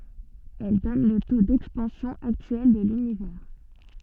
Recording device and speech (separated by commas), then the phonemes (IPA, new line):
soft in-ear microphone, read sentence
ɛl dɔn lə to dɛkspɑ̃sjɔ̃ aktyɛl də lynivɛʁ